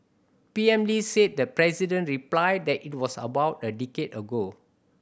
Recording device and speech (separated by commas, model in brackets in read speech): boundary microphone (BM630), read sentence